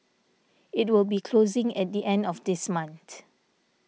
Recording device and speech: mobile phone (iPhone 6), read sentence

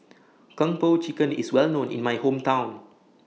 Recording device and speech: mobile phone (iPhone 6), read sentence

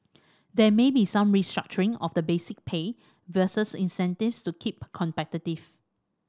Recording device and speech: standing microphone (AKG C214), read sentence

